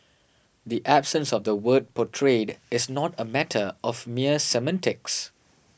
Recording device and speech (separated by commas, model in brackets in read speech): boundary microphone (BM630), read sentence